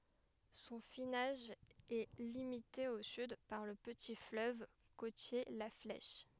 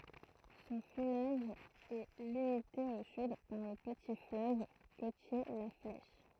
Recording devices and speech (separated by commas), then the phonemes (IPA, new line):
headset microphone, throat microphone, read sentence
sɔ̃ finaʒ ɛ limite o syd paʁ lə pəti fløv kotje la flɛʃ